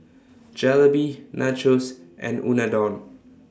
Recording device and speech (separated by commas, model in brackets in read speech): standing microphone (AKG C214), read sentence